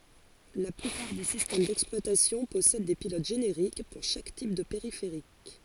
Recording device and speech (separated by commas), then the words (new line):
forehead accelerometer, read sentence
La plupart des systèmes d’exploitation possèdent des pilotes génériques, pour chaque type de périphérique.